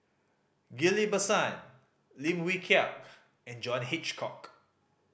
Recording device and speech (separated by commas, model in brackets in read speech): boundary microphone (BM630), read sentence